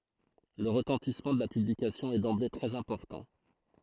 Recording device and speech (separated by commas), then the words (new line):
throat microphone, read sentence
Le retentissement de la publication est d'emblée très important.